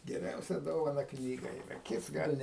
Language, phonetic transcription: Lithuanian, geˈriausia ˈdovana ˈknyga yˈra ˈkits ˈgal' ne

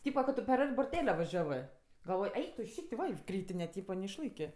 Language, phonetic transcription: Lithuanian, ˈtypa ka ˈtu per ˈart' burˈtele vaˈžiavɜ galˈvoj ˈeik tu ˈšyk't' ˈva i ˈkrytine ˈtypa neišˈlaikė

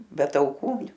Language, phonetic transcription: Lithuanian, be tauˈkų

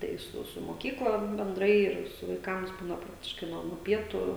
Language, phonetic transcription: Lithuanian, tai ˈsu su moˈkykla benˈdrai ˈir su vaiˈkams ˈbūna ˈpraktiškai ˈnuo nuo ˈpietų

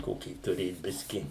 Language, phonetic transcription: Lithuanian, ˈkokį tuˈrėt ˈbiski

